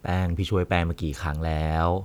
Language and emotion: Thai, frustrated